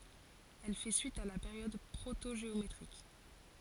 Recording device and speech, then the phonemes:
forehead accelerometer, read sentence
ɛl fɛ syit a la peʁjɔd pʁotoʒeometʁik

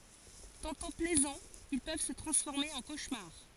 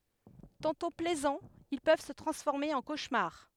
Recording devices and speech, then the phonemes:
forehead accelerometer, headset microphone, read sentence
tɑ̃tɔ̃ plɛzɑ̃z il pøv sə tʁɑ̃sfɔʁme ɑ̃ koʃmaʁ

